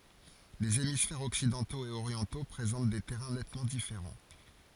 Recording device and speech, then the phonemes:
forehead accelerometer, read sentence
lez emisfɛʁz ɔksidɑ̃toz e oʁjɑ̃to pʁezɑ̃t de tɛʁɛ̃ nɛtmɑ̃ difeʁɑ̃

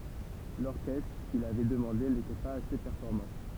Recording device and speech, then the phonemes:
temple vibration pickup, read sentence
lɔʁkɛstʁ kil avɛ dəmɑ̃de netɛ paz ase pɛʁfɔʁmɑ̃

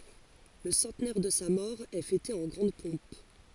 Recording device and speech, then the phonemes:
forehead accelerometer, read sentence
lə sɑ̃tnɛʁ də sa mɔʁ ɛ fɛte ɑ̃ ɡʁɑ̃d pɔ̃p

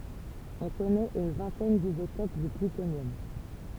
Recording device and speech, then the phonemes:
temple vibration pickup, read sentence
ɔ̃ kɔnɛt yn vɛ̃tɛn dizotop dy plytonjɔm

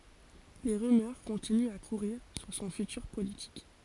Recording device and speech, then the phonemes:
forehead accelerometer, read sentence
le ʁymœʁ kɔ̃tinyt a kuʁiʁ syʁ sɔ̃ fytyʁ politik

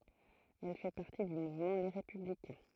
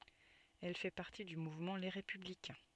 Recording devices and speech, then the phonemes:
throat microphone, soft in-ear microphone, read sentence
ɛl fɛ paʁti dy muvmɑ̃ le ʁepyblikɛ̃

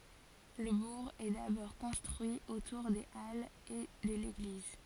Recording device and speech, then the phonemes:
forehead accelerometer, read sentence
lə buʁ ɛ dabɔʁ kɔ̃stʁyi otuʁ de alz e də leɡliz

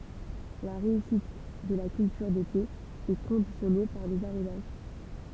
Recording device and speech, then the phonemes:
temple vibration pickup, read sentence
la ʁeysit də la kyltyʁ dete ɛ kɔ̃disjɔne paʁ dez aʁozaʒ

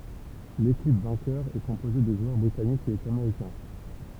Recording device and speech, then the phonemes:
temple vibration pickup, read sentence
lekip vɛ̃kœʁ ɛ kɔ̃poze də ʒwœʁ bʁitanikz e ameʁikɛ̃

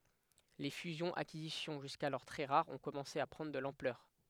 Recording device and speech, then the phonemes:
headset microphone, read sentence
le fyzjɔ̃z akizisjɔ̃ ʒyskalɔʁ tʁɛ ʁaʁz ɔ̃ kɔmɑ̃se a pʁɑ̃dʁ də lɑ̃plœʁ

